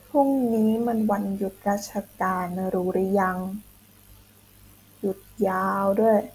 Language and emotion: Thai, frustrated